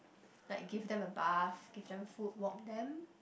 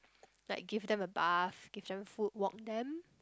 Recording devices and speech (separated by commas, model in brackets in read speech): boundary microphone, close-talking microphone, conversation in the same room